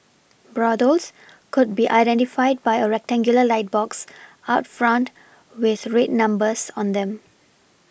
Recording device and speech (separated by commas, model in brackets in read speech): boundary microphone (BM630), read sentence